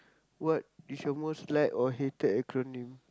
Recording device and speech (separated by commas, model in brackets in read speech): close-talking microphone, conversation in the same room